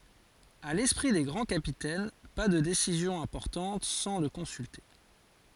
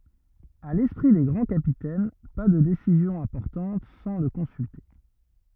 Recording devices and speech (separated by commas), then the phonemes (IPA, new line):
forehead accelerometer, rigid in-ear microphone, read sentence
a lɛspʁi de ɡʁɑ̃ kapitɛn pa də desizjɔ̃z ɛ̃pɔʁtɑ̃t sɑ̃ lə kɔ̃sylte